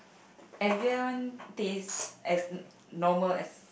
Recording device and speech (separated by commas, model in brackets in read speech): boundary microphone, conversation in the same room